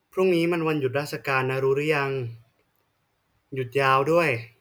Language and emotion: Thai, neutral